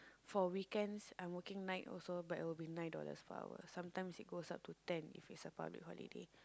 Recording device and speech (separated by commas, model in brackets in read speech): close-talking microphone, conversation in the same room